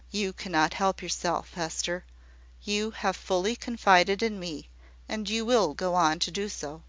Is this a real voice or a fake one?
real